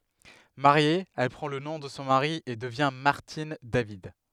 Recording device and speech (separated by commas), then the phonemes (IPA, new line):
headset microphone, read sentence
maʁje ɛl pʁɑ̃ lə nɔ̃ də sɔ̃ maʁi e dəvjɛ̃ maʁtin david